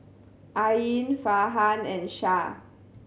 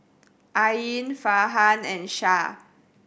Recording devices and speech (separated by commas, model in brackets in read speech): mobile phone (Samsung C7100), boundary microphone (BM630), read sentence